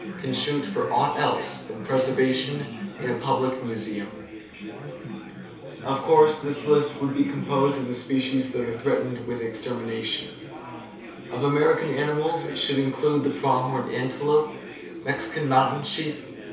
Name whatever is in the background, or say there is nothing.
Crowd babble.